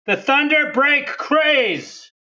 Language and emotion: English, disgusted